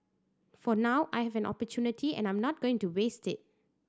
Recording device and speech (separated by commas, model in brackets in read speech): standing microphone (AKG C214), read sentence